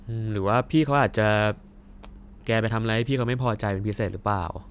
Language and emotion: Thai, neutral